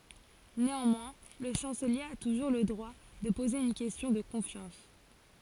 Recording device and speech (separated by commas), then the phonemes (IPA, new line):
forehead accelerometer, read sentence
neɑ̃mwɛ̃ lə ʃɑ̃səlje a tuʒuʁ lə dʁwa də poze yn kɛstjɔ̃ də kɔ̃fjɑ̃s